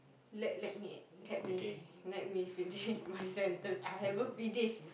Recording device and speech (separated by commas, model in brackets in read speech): boundary microphone, conversation in the same room